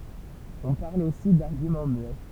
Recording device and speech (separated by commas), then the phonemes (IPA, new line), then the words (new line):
temple vibration pickup, read sentence
ɔ̃ paʁl osi daʁɡymɑ̃ myɛ
On parle aussi d'argument muet.